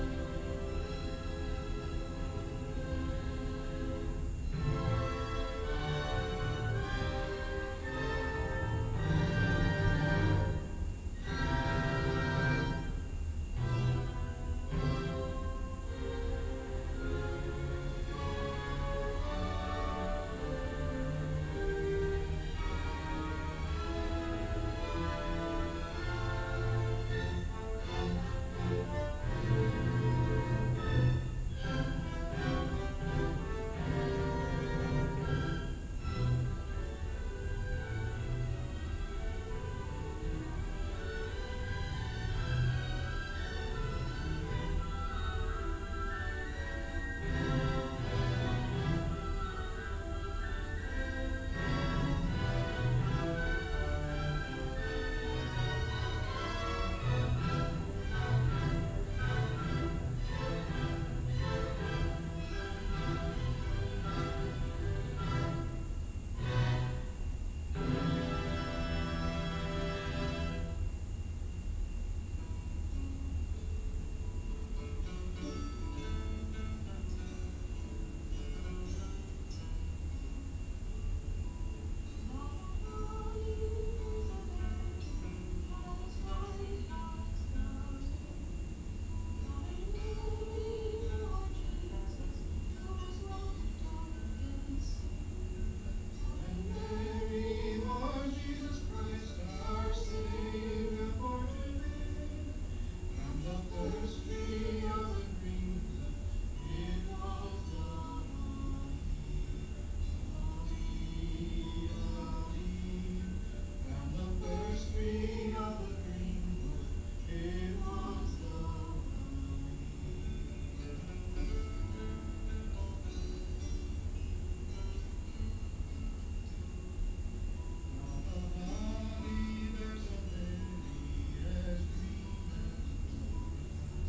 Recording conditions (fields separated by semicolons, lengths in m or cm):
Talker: no one; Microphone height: 2.4 m; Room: large; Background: music